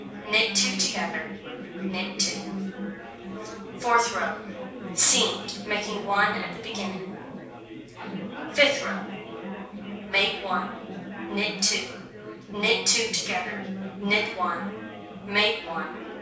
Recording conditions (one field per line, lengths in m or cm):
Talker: one person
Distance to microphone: 3.0 m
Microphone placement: far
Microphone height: 1.8 m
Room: small (3.7 m by 2.7 m)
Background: babble